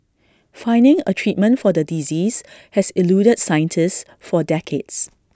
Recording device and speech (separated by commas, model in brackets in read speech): standing microphone (AKG C214), read sentence